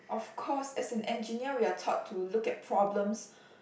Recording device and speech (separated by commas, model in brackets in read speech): boundary microphone, conversation in the same room